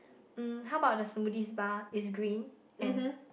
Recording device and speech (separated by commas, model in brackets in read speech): boundary microphone, conversation in the same room